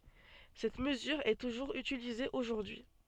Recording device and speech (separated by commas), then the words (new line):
soft in-ear microphone, read sentence
Cette mesure est toujours utilisée aujourd'hui.